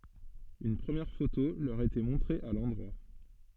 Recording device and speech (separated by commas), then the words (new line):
soft in-ear microphone, read sentence
Une première photo leur était montrée à l'endroit.